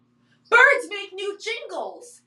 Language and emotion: English, surprised